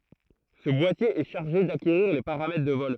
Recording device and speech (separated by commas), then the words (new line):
throat microphone, read sentence
Ce boîtier est chargé d'acquérir les paramètres de vol.